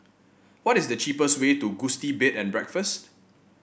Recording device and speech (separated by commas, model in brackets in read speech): boundary microphone (BM630), read sentence